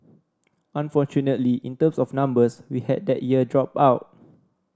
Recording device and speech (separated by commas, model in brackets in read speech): standing microphone (AKG C214), read sentence